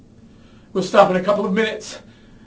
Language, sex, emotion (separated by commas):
English, male, fearful